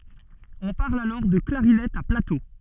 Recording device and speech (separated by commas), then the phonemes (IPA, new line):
soft in-ear microphone, read sentence
ɔ̃ paʁl alɔʁ də klaʁinɛt a plato